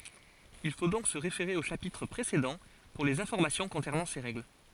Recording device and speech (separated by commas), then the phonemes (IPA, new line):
forehead accelerometer, read sentence
il fo dɔ̃k sə ʁefeʁe o ʃapitʁ pʁesedɑ̃ puʁ lez ɛ̃fɔʁmasjɔ̃ kɔ̃sɛʁnɑ̃ se ʁɛɡl